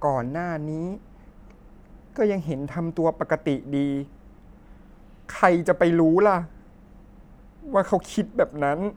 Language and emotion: Thai, sad